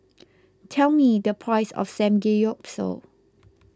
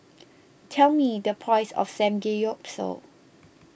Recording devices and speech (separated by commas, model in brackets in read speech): close-talking microphone (WH20), boundary microphone (BM630), read sentence